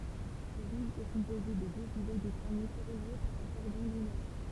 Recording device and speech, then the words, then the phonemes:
temple vibration pickup, read sentence
L'île est composée de deux îlots de granite reliés par un cordon dunaire.
lil ɛ kɔ̃poze də døz ilo də ɡʁanit ʁəlje paʁ œ̃ kɔʁdɔ̃ dynɛʁ

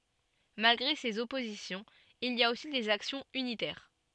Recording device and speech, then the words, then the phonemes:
soft in-ear microphone, read sentence
Malgré ces oppositions, il y a aussi des actions unitaires.
malɡʁe sez ɔpozisjɔ̃z il i a osi dez aksjɔ̃z ynitɛʁ

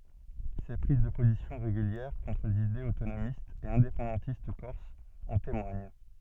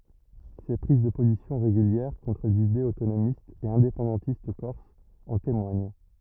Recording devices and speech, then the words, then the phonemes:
soft in-ear microphone, rigid in-ear microphone, read sentence
Ses prises de positions régulières contre les idées autonomistes et indépendantistes corses en témoignent.
se pʁiz də pozisjɔ̃ ʁeɡyljɛʁ kɔ̃tʁ lez idez otonomistz e ɛ̃depɑ̃dɑ̃tist kɔʁsz ɑ̃ temwaɲ

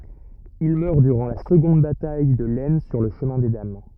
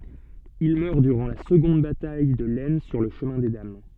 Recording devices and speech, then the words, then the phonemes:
rigid in-ear microphone, soft in-ear microphone, read sentence
Il meurt durant la seconde bataille de l'Aisne sur le Chemin des Dames.
il mœʁ dyʁɑ̃ la səɡɔ̃d bataj də lɛsn syʁ lə ʃəmɛ̃ de dam

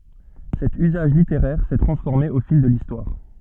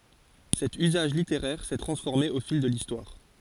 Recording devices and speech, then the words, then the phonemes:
soft in-ear microphone, forehead accelerometer, read sentence
Cet usage littéraire s'est transformé au fil de l'Histoire.
sɛt yzaʒ liteʁɛʁ sɛ tʁɑ̃sfɔʁme o fil də listwaʁ

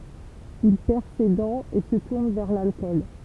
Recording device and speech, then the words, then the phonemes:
temple vibration pickup, read sentence
Il perd ses dents et se tourne vers l'alcool.
il pɛʁ se dɑ̃z e sə tuʁn vɛʁ lalkɔl

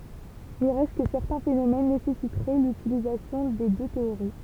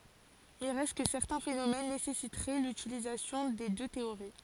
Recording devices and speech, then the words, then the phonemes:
temple vibration pickup, forehead accelerometer, read sentence
Il reste que certains phénomènes nécessiteraient l'utilisation des deux théories.
il ʁɛst kə sɛʁtɛ̃ fenomɛn nesɛsitʁɛ lytilizasjɔ̃ de dø teoʁi

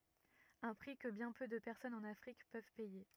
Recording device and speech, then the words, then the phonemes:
rigid in-ear microphone, read sentence
Un prix que bien peu de personnes en Afrique peuvent payer.
œ̃ pʁi kə bjɛ̃ pø də pɛʁsɔnz ɑ̃n afʁik pøv pɛje

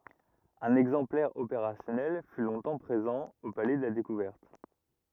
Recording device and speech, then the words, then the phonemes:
rigid in-ear microphone, read sentence
Un exemplaire opérationnel fut longtemps présent au Palais de la découverte.
œ̃n ɛɡzɑ̃plɛʁ opeʁasjɔnɛl fy lɔ̃tɑ̃ pʁezɑ̃ o palɛ də la dekuvɛʁt

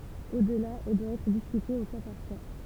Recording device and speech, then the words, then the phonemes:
temple vibration pickup, read sentence
Au-delà, elle doit être discutée au cas par cas.
odla ɛl dwa ɛtʁ diskyte o ka paʁ ka

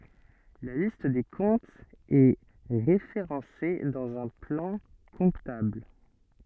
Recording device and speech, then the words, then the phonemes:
soft in-ear microphone, read sentence
La liste des comptes est référencée dans un plan comptable.
la list de kɔ̃tz ɛ ʁefeʁɑ̃se dɑ̃z œ̃ plɑ̃ kɔ̃tabl

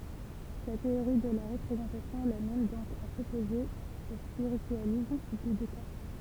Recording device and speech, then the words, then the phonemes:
temple vibration pickup, read sentence
Sa théorie de la représentation l'amène donc à s'opposer au spiritualisme de Descartes.
sa teoʁi də la ʁəpʁezɑ̃tasjɔ̃ lamɛn dɔ̃k a sɔpoze o spiʁityalism də dɛskaʁt

